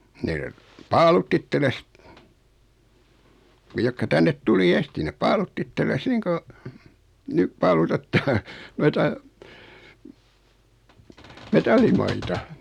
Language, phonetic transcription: Finnish, ne , 'paalutt ‿itteles , 'ne jokka 'tännet 'tuli "esti nep 'paalutt ‿ittelles 'niiŋ ko , 'nyp paalutettaa , 'noita , "metallimaita .
- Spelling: ne paalutti itsellensä ne jotka tänne tuli ensisti ne paalutti itsellensä niin kuin nyt paalutetaan noita metallimaita

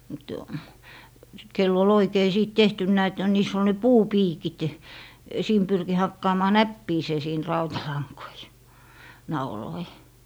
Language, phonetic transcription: Finnish, mut , kell ‿ol 'oikei sìt "tehtynnä̀ et niis ‿ol ne "puu'piikit , siim 'pyrki 'hakkaamaa "näppiisee siin 'rautalaŋkoi , 'nauloi .
- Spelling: mutta kenellä oli oikein sitten tehtynä että niissä oli ne puupiikit siinä pyrki hakkaamaan näppiinsä siinä rautalankoja nauloja

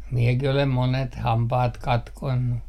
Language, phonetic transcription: Finnish, 'miekih ‿olem 'monet 'hampaat 'katkonnu .
- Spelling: minäkin olen monet hampaat katkonut

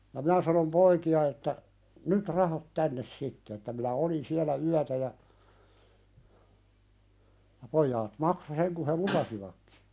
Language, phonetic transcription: Finnish, ja "mⁱnä sanom 'poiki₍a että , » "nyt 'rahat 'tännes 'sitte « että » minä "olin 'siälä 'yätä « ja , ja 'poijaat "makso seŋ ku he "lupasivakkɪ .
- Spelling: ja minä sanoin poikia että nyt rahat tänne sitten että minä olin siellä yötä ja ja pojat maksoi sen kun he lupasivatkin

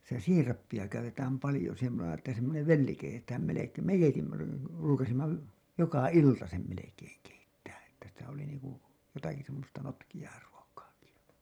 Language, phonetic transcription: Finnish, sitä "siirappi₍a käytetääm palĭjo semmo(se)na ‿ttä semmonev "velli keitetään melek- , meijänki 'ruukasimma , 'joka "ilta sem melekeeŋ keittää ‿Että sitä oli niiŋku , jotaki semmosta notkiʲaa ruokaaki , ja .
- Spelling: sitä siirappia käytetään paljon semmoisena että semmoinen velli keitetään - meidänkin ruukasimme joka ilta sen melkein keittää että sitä oli niin kuin jotakin semmoista notkeaa ruokaakin ja

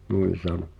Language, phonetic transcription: Finnish, nuin̬ 'sano .
- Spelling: noin sanoi

